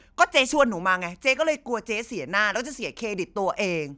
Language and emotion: Thai, angry